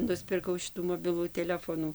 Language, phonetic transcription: Lithuanian, nuspirˈkau ˈšitų moˈbilų teˈlefonų

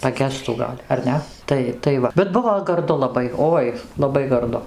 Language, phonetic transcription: Lithuanian, paˈgestų ˈgal' ar ˈne ˈtai tai ˈva bet ˈbuvo garˈdu laˈbai ˈoi laˈbai garˈdu

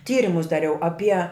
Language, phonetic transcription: Lithuanian, ˈtyrimus daˈriau aˈpie

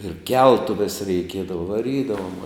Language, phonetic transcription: Lithuanian, ir ˈkeltuves reiˈkiedava vaˈrydavom

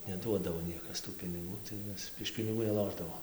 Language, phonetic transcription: Lithuanian, neˈduodavo ˈniekas tų piniˈgų tai ˈmes iš piniˈgų neˈlošdavom

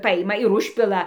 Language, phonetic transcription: Lithuanian, ˈpajima ir ˈužpila

